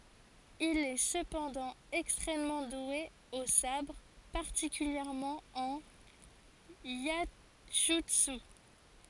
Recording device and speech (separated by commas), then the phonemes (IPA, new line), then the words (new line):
forehead accelerometer, read sentence
il ɛ səpɑ̃dɑ̃ ɛkstʁɛmmɑ̃ dwe o sabʁ paʁtikyljɛʁmɑ̃ ɑ̃n jɛʒytsy
Il est cependant extrêmement doué au sabre, particulièrement en iaijutsu.